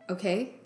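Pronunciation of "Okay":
'Okay' is said in a questioning tone.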